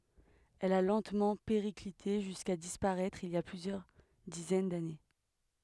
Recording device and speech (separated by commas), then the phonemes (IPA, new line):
headset microphone, read sentence
ɛl a lɑ̃tmɑ̃ peʁiklite ʒyska dispaʁɛtʁ il i a plyzjœʁ dizɛn dane